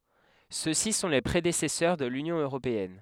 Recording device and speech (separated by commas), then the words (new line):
headset microphone, read sentence
Ceux-ci sont les prédécesseurs de l'Union européenne.